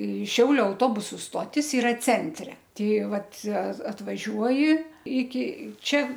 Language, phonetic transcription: Lithuanian, i ˈšiauliu auˈtobusu ˈstotis iˈra ˈcentre ˈtei ˈvat a atvaˈžiuoji iki ˈčia

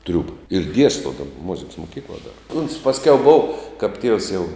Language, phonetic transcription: Lithuanian, ˈtriūba ir ˈdiesto ˈdaba muziks moˈkykla dar uns pasˈkiau bov kap tievs jau

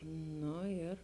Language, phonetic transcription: Lithuanian, ˈno ir

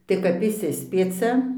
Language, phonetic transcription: Lithuanian, tai kap išˈsispiecia

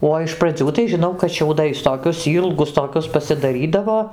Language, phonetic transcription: Lithuanian, ˈo iš praˈdzių tai žiˈnau kad šiauˈdais toˈkius ˈylgus toˈkius pasidaˈrydavo

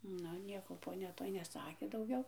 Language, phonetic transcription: Lithuanian, ˈnu ˈnieko poˈnia ˈtoj neˈsakė dauˈgiau

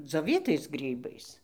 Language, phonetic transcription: Lithuanian, dzioˈvytais ˈgrybais

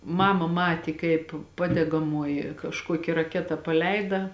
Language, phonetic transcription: Lithuanian, ˈmama ˈmatė kaip ˈpadegamoji kažˈkuoki raˈketa paˈleida

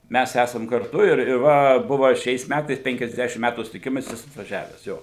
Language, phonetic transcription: Lithuanian, ˈmæs ˈæsam karˈtu ir ir ˈva ˈbuva ˈšiais ˈmætais penkiasˈdešim ˈmætų sutiˈkimas ˈjis atvaˈžiaves ˈjo

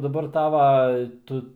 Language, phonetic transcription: Lithuanian, daˈbar ˈtava ˈtu

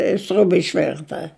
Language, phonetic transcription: Lithuanian, i ˈsriuba išˈvirta

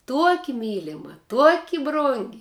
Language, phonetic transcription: Lithuanian, ˈtuoki ˈmylima ˈtuoki ˈbrungi

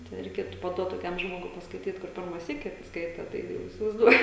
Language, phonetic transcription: Lithuanian, ten reiˈkėtu paˈduot toˈkiam ˈžmogui paskaiˈtyt kur ˈpirma ˈsyki ˈskaita tai ˈjau įsivaizˈduoju

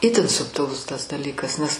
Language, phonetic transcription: Lithuanian, ˈitin subtiˈlus tas daˈlykas nes

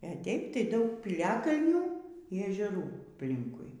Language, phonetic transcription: Lithuanian, e ˈteip tai ˈdaug pyˈliakalnių y ežeˈrų apˈlinkui

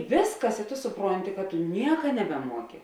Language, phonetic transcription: Lithuanian, ˈvėsˌkas i to suˈpronti ka tu ˈnieka nebeˈmuoki

